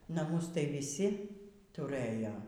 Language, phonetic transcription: Lithuanian, naˈmus tai viˈsi tuˈrɘjo

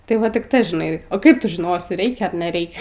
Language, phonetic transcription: Lithuanian, tai ˈva tik ˈta žiˈnai o ˈkaip ˈtu žiˈnosi ˈreikia ar neˈreikia

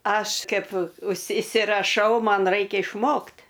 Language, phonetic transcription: Lithuanian, ˈaš ˈkaip užsi isiraˈšau ˈman ˈraikia išˈmokt

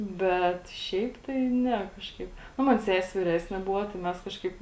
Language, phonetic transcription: Lithuanian, ˈbet ˈšiaip tai ˈne ˈkažkaip ˈnu ˈman ˈsesi viˈresni ˈbuvo tai ˈmes ˈkažkaip

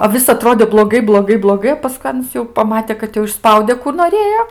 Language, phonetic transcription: Lithuanian, o ˈvis aˈtrodė bloˈgai bloˈgai bloˈgai o paˈskui ˈanas jau paˈmate kad ˈjau išˈspaude kų noˈrėjo

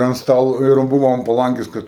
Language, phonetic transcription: Lithuanian, ant ˈstalu ir ˈbuvo an paˈlangės ˈkad

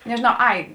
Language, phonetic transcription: Lithuanian, nežiˈnau ˈai

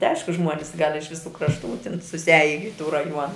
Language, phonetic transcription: Lithuanian, ti ˈaišku ˈžmuonis gal' iš viˈsų krašˈtų tin susiˈaji i tų raˈjuona

